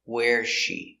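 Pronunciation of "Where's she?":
'Where's she' is said together, as one word, with no break between 'where's' and 'she'.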